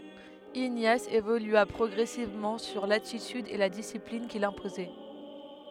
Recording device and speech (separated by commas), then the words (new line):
headset microphone, read sentence
Ignace évolua progressivement sur l'attitude et la discipline qu'il s'imposait.